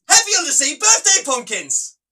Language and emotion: English, happy